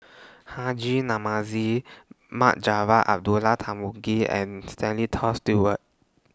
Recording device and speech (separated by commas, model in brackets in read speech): standing microphone (AKG C214), read sentence